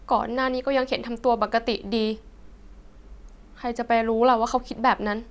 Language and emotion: Thai, sad